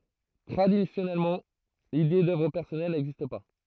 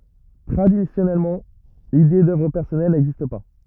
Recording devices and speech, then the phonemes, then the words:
throat microphone, rigid in-ear microphone, read sentence
tʁadisjɔnɛlmɑ̃ lide dœvʁ pɛʁsɔnɛl nɛɡzist pa
Traditionnellement, l'idée d'œuvre personnelle n'existe pas.

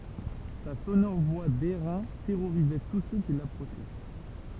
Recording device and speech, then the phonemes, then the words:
temple vibration pickup, read sentence
sa sonɔʁ vwa dɛʁɛ̃ tɛʁoʁizɛ tus sø ki lapʁoʃɛ
Sa sonore voix d'airain terrorisait tous ceux qui l'approchaient.

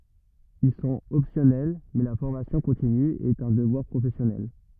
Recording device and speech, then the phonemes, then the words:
rigid in-ear microphone, read sentence
il sɔ̃t ɔpsjɔnɛl mɛ la fɔʁmasjɔ̃ kɔ̃tiny ɛt œ̃ dəvwaʁ pʁofɛsjɔnɛl
Ils sont optionnels… mais la formation continue est un devoir professionnel.

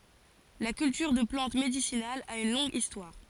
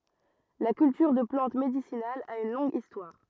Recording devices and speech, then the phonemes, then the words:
forehead accelerometer, rigid in-ear microphone, read sentence
la kyltyʁ də plɑ̃t medisinalz a yn lɔ̃ɡ istwaʁ
La culture de plantes médicinales a une longue histoire.

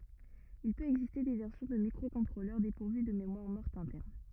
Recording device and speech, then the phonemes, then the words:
rigid in-ear microphone, read sentence
il pøt ɛɡziste de vɛʁsjɔ̃ də mikʁokɔ̃tʁolœʁ depuʁvy də memwaʁ mɔʁt ɛ̃tɛʁn
Il peut exister des versions de microcontrôleurs dépourvus de mémoire morte interne.

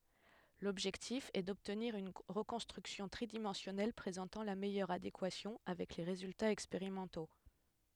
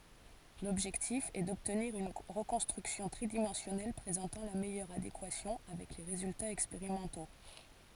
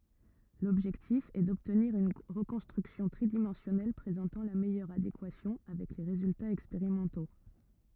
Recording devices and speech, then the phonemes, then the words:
headset microphone, forehead accelerometer, rigid in-ear microphone, read sentence
lɔbʒɛktif ɛ dɔbtniʁ yn ʁəkɔ̃stʁyksjɔ̃ tʁidimɑ̃sjɔnɛl pʁezɑ̃tɑ̃ la mɛjœʁ adekwasjɔ̃ avɛk le ʁezyltaz ɛkspeʁimɑ̃to
L'objectif est d'obtenir une reconstruction tridimensionnelle présentant la meilleure adéquation avec les résultats expérimentaux.

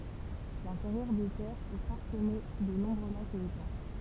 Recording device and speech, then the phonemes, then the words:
temple vibration pickup, read sentence
lɛ̃teʁjœʁ de tɛʁz ɛ paʁsəme də nɔ̃bʁø lakz e etɑ̃
L'intérieur des terres est parsemé de nombreux lacs et étangs.

